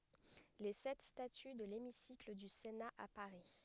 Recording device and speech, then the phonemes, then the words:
headset microphone, read sentence
le sɛt staty də lemisikl dy sena a paʁi
Les sept statues de l'hémicycle du Sénat à Paris.

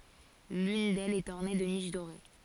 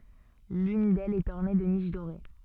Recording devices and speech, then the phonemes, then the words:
forehead accelerometer, soft in-ear microphone, read sentence
lyn dɛlz ɛt ɔʁne də niʃ doʁe
L'une d'elles est ornée de niches dorées.

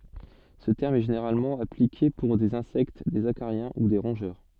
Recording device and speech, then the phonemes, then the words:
soft in-ear microphone, read sentence
sə tɛʁm ɛ ʒeneʁalmɑ̃ aplike puʁ dez ɛ̃sɛkt dez akaʁjɛ̃ u de ʁɔ̃ʒœʁ
Ce terme est généralement appliqué pour des insectes, des acariens ou des rongeurs.

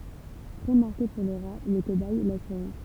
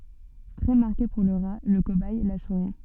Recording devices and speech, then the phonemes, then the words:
temple vibration pickup, soft in-ear microphone, read sentence
tʁɛ maʁke puʁ lə ʁa lə kobɛj la suʁi
Très marqué pour le rat, le cobaye, la souris.

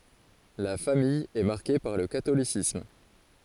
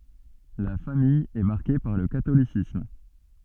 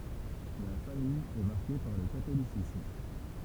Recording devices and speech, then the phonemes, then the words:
forehead accelerometer, soft in-ear microphone, temple vibration pickup, read sentence
la famij ɛ maʁke paʁ lə katolisism
La famille est marquée par le catholicisme.

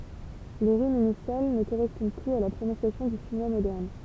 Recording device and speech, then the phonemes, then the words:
temple vibration pickup, read sentence
le ʁimz inisjal nə koʁɛspɔ̃d plyz a la pʁonɔ̃sjasjɔ̃ dy ʃinwa modɛʁn
Les rimes initiales ne correspondent plus à la prononciation du chinois moderne.

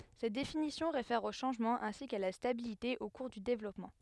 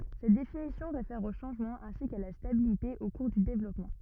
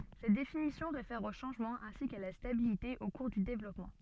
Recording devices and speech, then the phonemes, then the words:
headset microphone, rigid in-ear microphone, soft in-ear microphone, read sentence
sɛt definisjɔ̃ ʁefɛʁ o ʃɑ̃ʒmɑ̃z ɛ̃si ka la stabilite o kuʁ dy devlɔpmɑ̃
Cette définition réfère aux changements ainsi qu'à la stabilité au cours du développement.

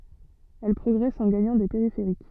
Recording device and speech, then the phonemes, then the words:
soft in-ear microphone, read sentence
ɛl pʁɔɡʁɛst ɑ̃ ɡaɲɑ̃ de peʁifeʁik
Elles progressent en gagnant des périphériques.

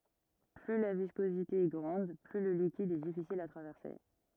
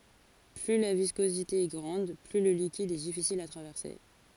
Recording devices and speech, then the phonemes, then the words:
rigid in-ear microphone, forehead accelerometer, read sentence
ply la viskozite ɛ ɡʁɑ̃d ply lə likid ɛ difisil a tʁavɛʁse
Plus la viscosité est grande, plus le liquide est difficile à traverser.

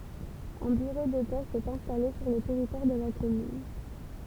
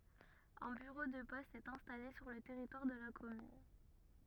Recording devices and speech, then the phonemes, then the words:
temple vibration pickup, rigid in-ear microphone, read sentence
œ̃ byʁo də pɔst ɛt ɛ̃stale syʁ lə tɛʁitwaʁ də la kɔmyn
Un bureau de poste est installé sur le territoire de la commune.

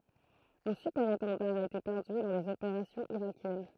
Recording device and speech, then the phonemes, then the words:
throat microphone, read sentence
œ̃ sypɛʁetɑ̃daʁ a ete pɛʁdy lɔʁ dez opeʁasjɔ̃z iʁakjɛn
Un Super-Étendard a été perdu lors des opérations irakiennes.

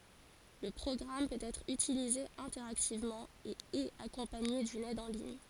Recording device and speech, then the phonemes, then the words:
forehead accelerometer, read sentence
lə pʁɔɡʁam pøt ɛtʁ ytilize ɛ̃tɛʁaktivmɑ̃ e ɛt akɔ̃paɲe dyn ɛd ɑ̃ liɲ
Le programme peut être utilisé interactivement, et est accompagné d'une aide en ligne.

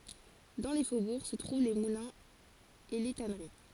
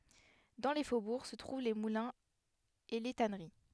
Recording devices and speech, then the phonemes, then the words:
forehead accelerometer, headset microphone, read sentence
dɑ̃ le fobuʁ sə tʁuv le mulɛ̃z e le tanəʁi
Dans les faubourgs se trouvent les moulins et les tanneries.

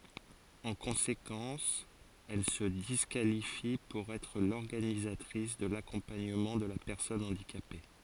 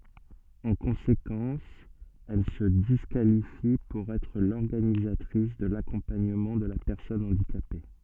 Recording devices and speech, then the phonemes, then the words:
forehead accelerometer, soft in-ear microphone, read sentence
ɑ̃ kɔ̃sekɑ̃s ɛl sə diskalifi puʁ ɛtʁ lɔʁɡanizatʁis də lakɔ̃paɲəmɑ̃ də la pɛʁsɔn ɑ̃dikape
En conséquence, elle se disqualifie pour être l'organisatrice de l'accompagnement de la personne handicapée.

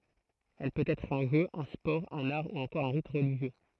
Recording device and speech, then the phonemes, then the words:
throat microphone, read sentence
ɛl pøt ɛtʁ œ̃ ʒø œ̃ spɔʁ œ̃n aʁ u ɑ̃kɔʁ œ̃ ʁit ʁəliʒjø
Elle peut être un jeu, un sport, un art ou encore un rite religieux.

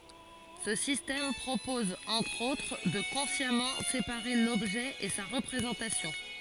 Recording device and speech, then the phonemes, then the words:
forehead accelerometer, read sentence
sə sistɛm pʁopɔz ɑ̃tʁ otʁ də kɔ̃sjamɑ̃ sepaʁe lɔbʒɛ e sa ʁəpʁezɑ̃tasjɔ̃
Ce système propose, entre autres, de consciemment séparer l'objet et sa représentation.

